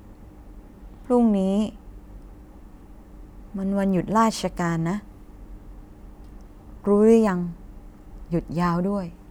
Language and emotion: Thai, frustrated